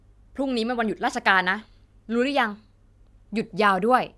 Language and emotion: Thai, frustrated